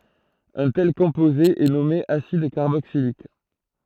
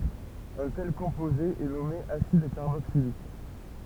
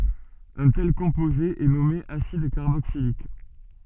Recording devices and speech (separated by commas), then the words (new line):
throat microphone, temple vibration pickup, soft in-ear microphone, read sentence
Un tel composé est nommé acide carboxylique.